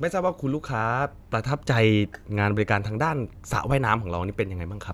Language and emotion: Thai, neutral